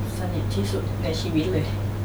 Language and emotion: Thai, sad